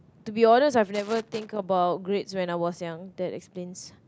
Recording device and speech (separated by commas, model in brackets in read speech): close-talking microphone, conversation in the same room